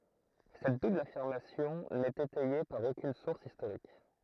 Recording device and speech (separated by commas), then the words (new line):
throat microphone, read sentence
Cette double affirmation n'est étayée par aucune source historique.